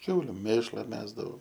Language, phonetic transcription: Lithuanian, ˈkiauliu ˈmėšla ˈmesdavau

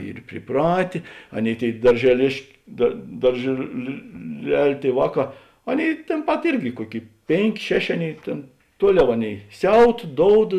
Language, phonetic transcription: Lithuanian, ˈyr priˈpratė ˈaˌnėi ˈtėi daržeˈlėšk dar daržėlilel' ˈtėi ˈvāˌkā ˈaˌnėi tėn ˈpat ˈirgi ˈkuoˌkėi ˈpėnˌkė ˈšeˌšė ˈaˌnėi ˈtėn ˈtuoˌliau ˈaˌnėi ˈsiaut ˈdoud

